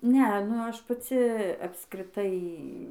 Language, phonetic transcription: Lithuanian, ˈnea nu ˈaš paˈci apskriˈtai

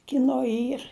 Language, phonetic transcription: Lithuanian, kiˈno ˈyr

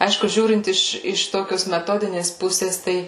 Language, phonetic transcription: Lithuanian, ˈaišku ˈžiūrint ˈiš iš ˈtokios meˈtodinės ˈpusės ˈtai

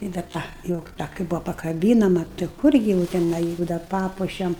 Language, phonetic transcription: Lithuanian, i dar ˈta jau ˈta kai ˈbūvo pakaˈbynama tai ˈkurgi jau teˈnai ˈjuk dar ˈpapuošem

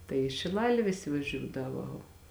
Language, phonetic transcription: Lithuanian, tai i šiˈlalė ˈvisi vaˈžiūdavo

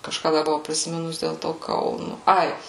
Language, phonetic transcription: Lithuanian, kažˈką ˈda buˈvau prisiˈminus dėl ˈto ˈkaunu ˈai

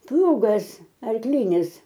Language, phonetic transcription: Lithuanian, ˈplūgas arkˈlynis

